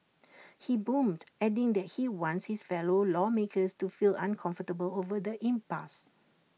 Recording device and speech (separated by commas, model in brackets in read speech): mobile phone (iPhone 6), read sentence